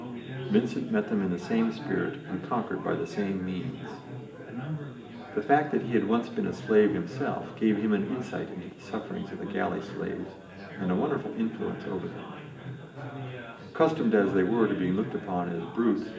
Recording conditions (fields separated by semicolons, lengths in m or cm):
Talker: one person; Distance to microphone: 1.8 m; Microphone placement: close; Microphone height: 1.0 m; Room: large; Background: babble